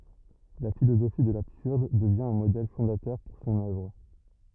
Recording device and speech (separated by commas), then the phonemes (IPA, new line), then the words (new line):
rigid in-ear microphone, read sentence
la filozofi də labsyʁd dəvjɛ̃ œ̃ modɛl fɔ̃datœʁ puʁ sɔ̃n œvʁ
La philosophie de l'absurde devient un modèle fondateur pour son œuvre.